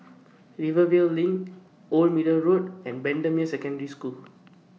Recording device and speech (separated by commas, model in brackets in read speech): mobile phone (iPhone 6), read sentence